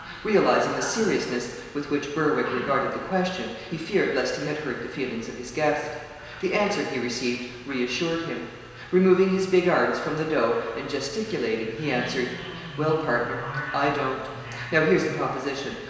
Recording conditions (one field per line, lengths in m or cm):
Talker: one person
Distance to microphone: 1.7 m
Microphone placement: close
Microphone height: 1.0 m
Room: very reverberant, large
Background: television